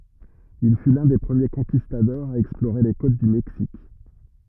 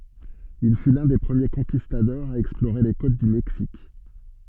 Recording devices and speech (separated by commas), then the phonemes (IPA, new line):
rigid in-ear microphone, soft in-ear microphone, read sentence
il fy lœ̃ de pʁəmje kɔ̃kistadɔʁz a ɛksploʁe le kot dy mɛksik